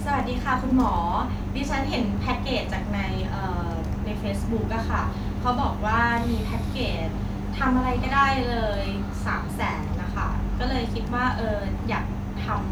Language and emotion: Thai, happy